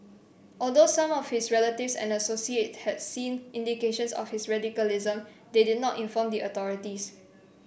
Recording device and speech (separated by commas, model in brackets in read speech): boundary microphone (BM630), read sentence